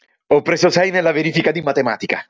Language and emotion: Italian, happy